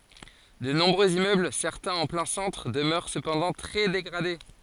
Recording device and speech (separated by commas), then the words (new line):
forehead accelerometer, read sentence
De nombreux immeubles, certains en plein centre, demeurent cependant très dégradés.